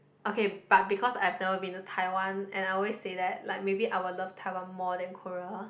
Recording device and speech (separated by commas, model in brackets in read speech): boundary microphone, conversation in the same room